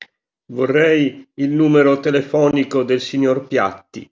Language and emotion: Italian, neutral